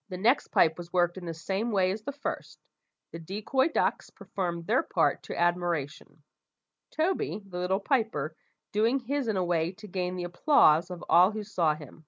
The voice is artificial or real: real